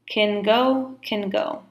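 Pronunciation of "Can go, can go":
In 'can go', 'can' is said in its weak form, sounding like 'kin'.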